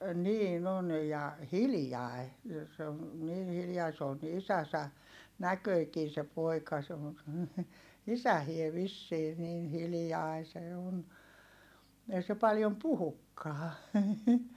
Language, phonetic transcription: Finnish, niin ‿on ja , hiljài̮ , se on̬ , niin hiljai s ‿oon ni isäsä , näköikii se poika se on̬ , isähie vissii niin hilⁱjai se on , ei se paljom puhukkaa .
- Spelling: niin on ja hiljainen se on niin hiljainen se on niin isänsä näköinenkin se poika se on isäkin vissiin niin hiljainen se on ei se paljon puhukaan

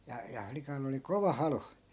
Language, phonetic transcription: Finnish, ja ja 'flikall ‿oli "kova 'halu .
- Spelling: ja ja flikalla oli kova halu

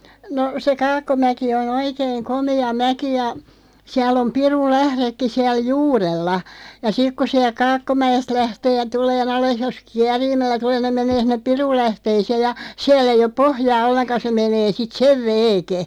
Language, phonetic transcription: Finnish, no , se 'Kakkomäki 'on ‿oikeiŋ 'komi̳₍̳a̳§ "mäki ja , 'siäl ‿om 'pirul"lähðekki 'siäl "juurella , ja 'sik ku siälᵏ "Kaakkomäʲest 'lähtee 'ja 'tulee"n ‿ales 'jos "kiäriimällä 'tulee (nim) 'meǹee sinneᵖ "pirullähteeⁱseeʲ ja , 'siäl ‿ei op "pohjaa 'olleŋka se 'menee sit "sev 'veeke .
- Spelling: no se Kaakkomäki on oikein komea mäki ja siellä on pirunlähdekin siellä juurella ja sitten kun sieltä Kaakkomäestä lähtee ja tulemaan alas jos kierimällä tulee niin menee sinne pirunlähteeseen ja siellä ei ole pohjaa ollenkaan se menee sitten sen veeken

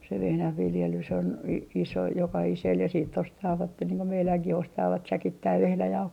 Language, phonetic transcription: Finnish, se 'vehnähviljelys on , i - iso 'jokahisel ja siitt ‿ostaavatte niiŋ ko 'meiläŋkih ostaavat "säkittäiv 'vehnäjauhoi .
- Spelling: se vehnänviljelys on - iso jokaiselle ja sitten ostavat niin kuin meidänkin ostavat säkittäin vehnäjauhoja

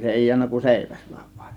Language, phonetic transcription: Finnish, se 'èi jiännä kun "sèiväs VA(IN)
- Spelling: se ei jäänyt kuin seiväs vain

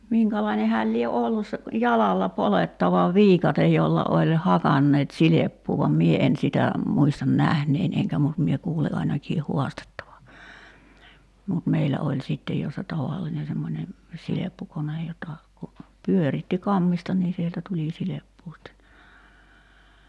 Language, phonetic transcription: Finnish, 'miŋkälaine 'hääl lie "ollus se , "jalalla 'polettava "viikatej jolla oĺ "hakanneet 'sileppuu vam 'mie en sitä , 'muistan 'nähnein eŋkä mut mie 'kuuli ainakii 'huastettava , mut 'meilä oĺ 'sittej jo se "tavalline semmońe , 'sileppukonej jota , ku , 'pyöritti "kammista nii sieltä 'tuli 'sileppuu sitte , ni .
- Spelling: minkälainen hän lie ollut se jalalla poljettava viikate jolla oli hakanneet silppua vaan minä en sitä muista nähneeni enkä mutta minä kuulin ainakin haastettavan mutta meillä oli sitten jo se tavallinen semmoinen silppukone jota kun pyöritti kammesta niin sieltä tuli silppua sitten niin

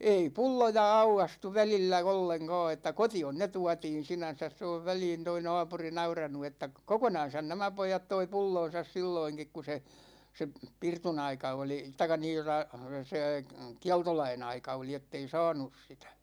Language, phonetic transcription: Finnish, 'ei "pulloja 'aukastu 'välillä "olleŋ'kåå että "koti₍on ne 'tuatiin̬ 'sinän̬säs se ov 'väliin toi "na̭a̭puri 'nauranu että , 'kokonan̬san nämä 'poijat toi 'pulloo̰sas 'silloiŋkik ku se , 'se , "pirtunaika oli , taik̆ka 'niin (tota) , sè , "kialtolai'n ‿aika oli 'ettei "sa̭a̭nus 'sitÄ .
- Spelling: ei pulloja aukaistu välillä ollenkaan että kotiin ne tuotiin sinänsä se on väliin tuo naapuri nauranut että kokonansa nämä pojat toi pullonsa silloinkin kun se se pirtunaika oli tai niin tuota se kieltolain aika oli että ei saanut sitä

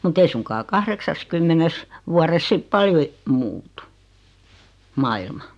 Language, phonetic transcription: Finnish, mut 'ei suŋkaa 'kahreksaskymmenes , 'vuares sip "paljo e- , 'muutu , "mailma .
- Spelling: mutta ei suinkaan kahdeksassakymmenessä vuodessa sitten paljon - muutu maailma

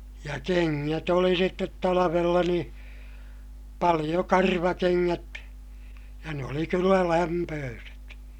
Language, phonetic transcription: Finnish, ja keŋŋät ‿oli sittet talavella nii , paliʲo karvakeŋŋät , ja ne oli kyllä lämpööset .
- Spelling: ja kengät oli sitten talvella niin paljon karvakengät ja ne oli kyllä lämpöiset

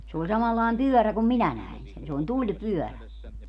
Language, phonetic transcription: Finnish, se oĺ 'samallàem "pyörä kum "minä 'näin sen se oĺ "tuĺpyɔ̈̀rä .
- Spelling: se oli samanlainen pyörä kuin minä näin sen se oli tulipyörä

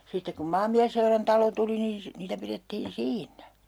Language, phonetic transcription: Finnish, 'sittek kum 'maammiässeurantalo 'tuli niin̬ si- , 'niitä pirettiin "siinnä .
- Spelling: sitten kun maanmiesseurantalo tuli niin - niitä pidettiin siinä

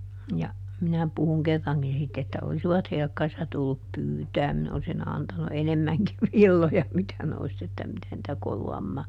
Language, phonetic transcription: Finnish, ja , ˈminä puhuŋ "kerraŋkin ˈsitt ‿että ˈolsivat ˈhelkkarissa tullup "pyytääm ˈminä olsi"n ‿antanu "enemmäŋkiv ˈvilloja ˈmitä ne olis että ˈmitä nⁱtä ˈkolu₍ammaa .
- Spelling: ja minä puhuin kerrankin sitten että olisivat helkkarissa tullut pyytämään minä olisin antanut enemmänkin villoja mitä ne olisi että mitä niitä koluamaan

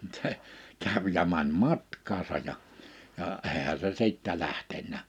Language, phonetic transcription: Finnish, mᵘt 'seʰ , 'käv ja mäń 'matkaasa ja , ja , 'eehä se 'siittä 'lähtennä .
- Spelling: mutta se kävi ja meni matkaansa ja ja eihän se sitten lähtenyt

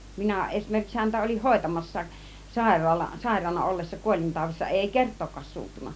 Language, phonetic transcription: Finnish, 'minä eśmerkiks 'häntä ol͕ih 'hòitamas̀saak , 'sàiraala- , 'sàiraana ollessa , 'kuol͕intàuv̆vissa , 'èi "kert̆tookkaas 'suuttunna .
- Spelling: minä esimerkiksi häntä olin hoitamassakin - sairaana ollessa kuolintaudissa ei kertaakaan suuttunut

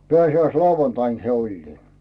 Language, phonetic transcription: Finnish, 'peä̀si₍äis"lauvantain se 'oĺlii .
- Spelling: pääsiäislauantaina se oli

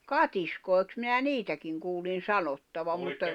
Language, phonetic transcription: Finnish, katiskòi̬ks minä "niitäkiŋ kuulin̬ "sanottavam mutta ...
- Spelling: katiskoiksi minä niitäkin kuulin sanottavan mutta

